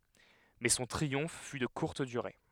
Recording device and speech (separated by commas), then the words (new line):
headset microphone, read sentence
Mais son triomphe fut de courte durée.